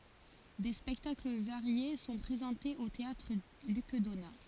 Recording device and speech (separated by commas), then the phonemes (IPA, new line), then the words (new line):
forehead accelerometer, read sentence
de spɛktakl vaʁje sɔ̃ pʁezɑ̃tez o teatʁ lyk dona
Des spectacles variés sont présentés au théâtre Luc Donat.